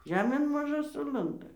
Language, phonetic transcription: Lithuanian, ˈžemėn maˈžu ˈsulanda

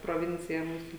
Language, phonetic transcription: Lithuanian, proˈvincija ˈmūsu

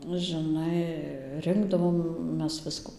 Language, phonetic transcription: Lithuanian, nu žiˈnai ˈrinkdavom ˈmes ˈviskų

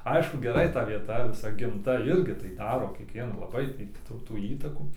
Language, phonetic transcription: Lithuanian, ˈaišku geˈrai ta vieˈta viˈsa gimˈta ˈirgi tai ˈdaro kiekˈviena laˈbai ti ˈtų tų ˈįtakų

